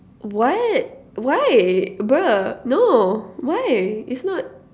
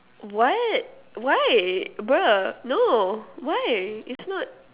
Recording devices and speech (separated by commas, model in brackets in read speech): standing microphone, telephone, conversation in separate rooms